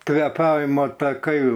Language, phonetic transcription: Lithuanian, kveˈpavima taˈkai

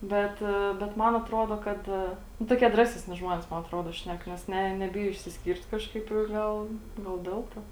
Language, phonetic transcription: Lithuanian, ˈbet bet ˈman atˈrodo ˈkad nu toˈkie ˈdraseˌsni ˈžmonės ˈman atˈrodo ˈšnek nes ˈne neˈbijo išsisˈkyrt ˈkažkaip i gal gal ˈdel to

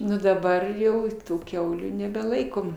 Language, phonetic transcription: Lithuanian, ˈnu daˈbar jau ˈtų ˈkiaulių nebeˈlaikom

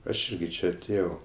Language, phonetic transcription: Lithuanian, aš ˈirgi ˈčia aˈtėjau

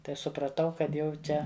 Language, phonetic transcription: Lithuanian, tai supraˈtau kad ˈjau ˈčia

